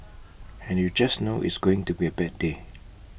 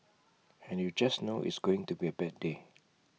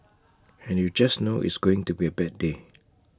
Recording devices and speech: boundary microphone (BM630), mobile phone (iPhone 6), close-talking microphone (WH20), read sentence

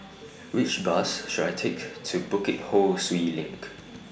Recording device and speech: boundary microphone (BM630), read sentence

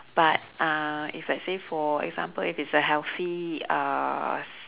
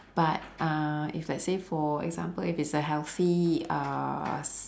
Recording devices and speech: telephone, standing microphone, conversation in separate rooms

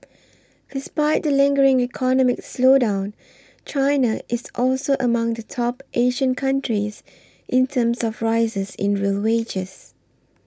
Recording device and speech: standing microphone (AKG C214), read sentence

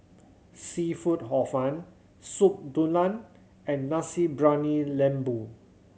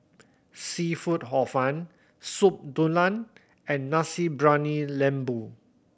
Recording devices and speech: mobile phone (Samsung C7100), boundary microphone (BM630), read sentence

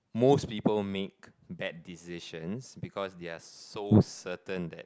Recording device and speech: close-talking microphone, conversation in the same room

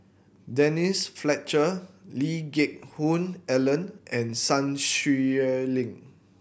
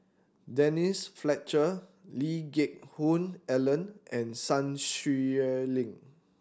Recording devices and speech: boundary microphone (BM630), standing microphone (AKG C214), read sentence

